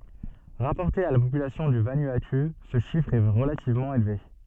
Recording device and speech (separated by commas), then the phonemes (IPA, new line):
soft in-ear microphone, read sentence
ʁapɔʁte a la popylasjɔ̃ dy vanuatu sə ʃifʁ ɛ ʁəlativmɑ̃ elve